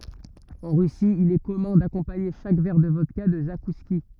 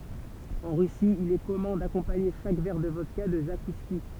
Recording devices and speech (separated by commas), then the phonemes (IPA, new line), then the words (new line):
rigid in-ear microphone, temple vibration pickup, read sentence
ɑ̃ ʁysi il ɛ kɔmœ̃ dakɔ̃paɲe ʃak vɛʁ də vɔdka də zakuski
En Russie, il est commun d‘accompagner chaque verre de vodka de zakouskis.